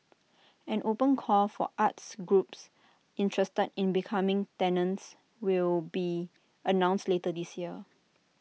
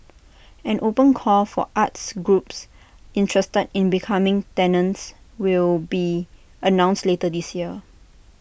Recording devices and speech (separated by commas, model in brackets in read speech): mobile phone (iPhone 6), boundary microphone (BM630), read sentence